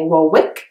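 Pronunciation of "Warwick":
'Warwick' is pronounced incorrectly here: the W in the middle is sounded, when it should be silent.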